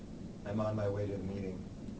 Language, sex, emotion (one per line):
English
male
neutral